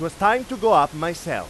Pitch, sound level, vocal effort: 170 Hz, 102 dB SPL, very loud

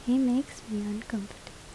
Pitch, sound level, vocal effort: 225 Hz, 76 dB SPL, soft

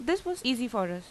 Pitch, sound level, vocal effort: 250 Hz, 87 dB SPL, normal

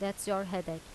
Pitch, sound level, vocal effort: 195 Hz, 84 dB SPL, normal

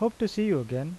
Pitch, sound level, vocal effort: 200 Hz, 84 dB SPL, normal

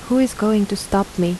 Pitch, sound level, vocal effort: 200 Hz, 80 dB SPL, soft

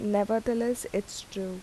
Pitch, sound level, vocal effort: 205 Hz, 80 dB SPL, soft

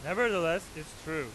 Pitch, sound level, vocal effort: 160 Hz, 101 dB SPL, very loud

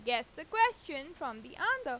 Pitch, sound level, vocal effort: 275 Hz, 95 dB SPL, loud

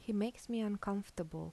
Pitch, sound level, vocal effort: 205 Hz, 80 dB SPL, soft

